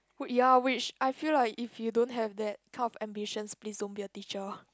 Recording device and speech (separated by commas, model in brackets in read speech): close-talking microphone, conversation in the same room